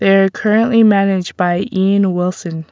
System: none